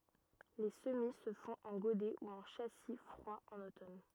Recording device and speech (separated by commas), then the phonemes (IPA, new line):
rigid in-ear microphone, read sentence
le səmi sə fɔ̃t ɑ̃ ɡodɛ u ɑ̃ ʃasi fʁwa ɑ̃n otɔn